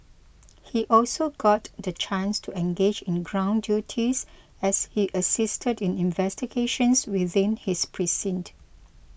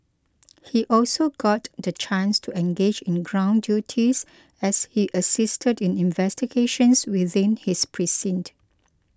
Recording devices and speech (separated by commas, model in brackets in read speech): boundary microphone (BM630), close-talking microphone (WH20), read sentence